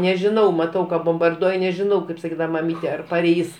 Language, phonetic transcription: Lithuanian, nežiˈnau maˈtau ka bombarduoj nežiˈnau kaip saˈkydava maˈmyte ar paˈreis

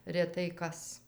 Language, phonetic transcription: Lithuanian, reˈtai ˈkas

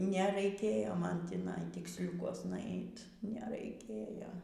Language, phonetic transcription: Lithuanian, neraiˈkėjo ˈman tįˈnai tiksˈliukuosna ˈait neraiˈkėjo

